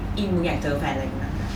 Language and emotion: Thai, angry